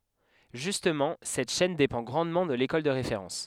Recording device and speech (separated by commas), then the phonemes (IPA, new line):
headset microphone, read sentence
ʒystmɑ̃ sɛt ʃɛn depɑ̃ ɡʁɑ̃dmɑ̃ də lekɔl də ʁefeʁɑ̃s